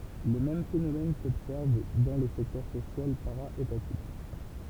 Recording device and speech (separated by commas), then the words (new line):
temple vibration pickup, read sentence
Le même phénomène s’observe dans le secteur social para-étatique.